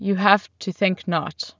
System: none